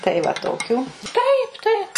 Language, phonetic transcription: Lithuanian, tai va ˈtokių ˈtaip ˈtaip

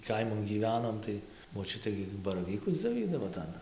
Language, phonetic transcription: Lithuanian, ˈkaiman gyˈvenom tai moˈčiutė gi baraˈvykus dzioˈvydavo ˈtan

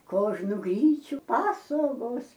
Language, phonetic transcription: Lithuanian, ˈkožnu ˈgryčiu ˈpasogos

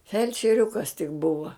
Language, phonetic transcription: Lithuanian, felčeˈriukas tik ˈbuva

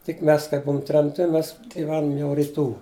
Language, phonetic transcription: Lithuanian, tik ˈmes kaip ˈbuum tremˈti ˈmes giˈvenum jau riˈtų

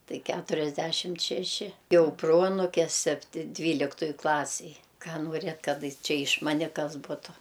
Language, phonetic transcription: Lithuanian, ˈtai ˈkæturiasˌdæšimt šeˈši ˈjau ˈproanuke ˈsepti ˈdvyliktuj ˈklasij ˈką nuoˈrėt ˈkad ˈčia iš ˈmane ˈkas ˈbutu

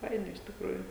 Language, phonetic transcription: Lithuanian, ˈfaina iš tikˈrųjų

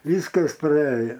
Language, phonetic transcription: Lithuanian, ˈvyskas praˈėja

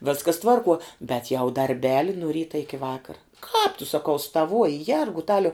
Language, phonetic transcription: Lithuanian, ˈvėskas ˈtvarˌkuo bet jau darˈbeli nu ˈryta iki ˈvakara kāp tu saˈkau staˈvuoji ˈjergutaliau

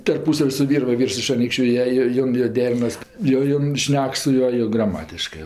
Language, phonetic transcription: Lithuanian, tarˈpūsav' su ˈvyr ˈva ˈvyrs iš aˈnykščiu ˈjie ˈjo ˈjon jo ˈderinas jo ˈjon ˈšnek su ˈjuo jo graˈmatiškɜ

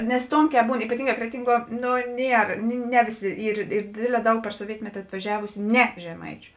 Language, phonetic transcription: Lithuanian, nes ˈtonˌkē ˈbūn ypaˈtynˌgā ˈkretinˌguo ˈno ˈnier ˈne vėˌsi ˈyr ˈyr ˈdėdˌlē ˈdaug per soˈvietmeti atvaˈžiavusiu ˈne žeˈmaičiu

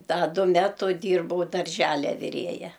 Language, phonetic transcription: Lithuanian, ˈda ˈdu ˈmetu ˈdyrbau darˈželia viˈrėja

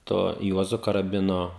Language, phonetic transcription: Lithuanian, ˈto ˈjuozu karaˈbino

